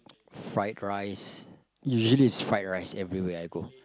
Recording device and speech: close-talking microphone, conversation in the same room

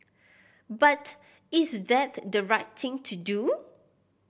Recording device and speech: boundary microphone (BM630), read sentence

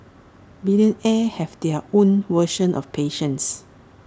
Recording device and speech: standing microphone (AKG C214), read sentence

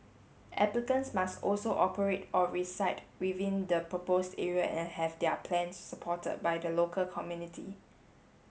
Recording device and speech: mobile phone (Samsung S8), read sentence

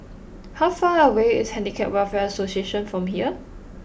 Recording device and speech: boundary microphone (BM630), read sentence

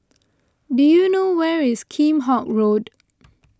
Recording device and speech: close-talking microphone (WH20), read sentence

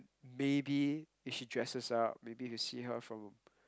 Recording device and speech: close-talking microphone, conversation in the same room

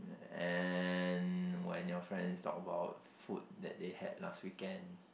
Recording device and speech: boundary microphone, conversation in the same room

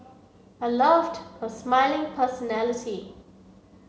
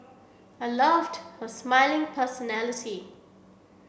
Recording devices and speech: mobile phone (Samsung C7), boundary microphone (BM630), read sentence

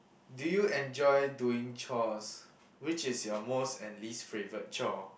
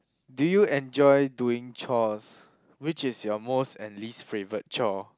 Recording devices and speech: boundary microphone, close-talking microphone, conversation in the same room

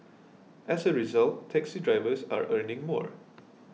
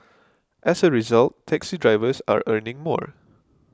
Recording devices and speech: mobile phone (iPhone 6), close-talking microphone (WH20), read sentence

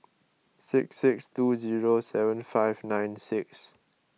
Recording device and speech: mobile phone (iPhone 6), read sentence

